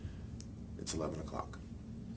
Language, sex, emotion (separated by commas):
English, male, neutral